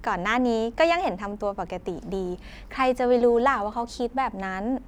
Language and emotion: Thai, happy